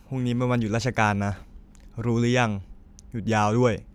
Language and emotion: Thai, neutral